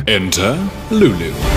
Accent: British Accent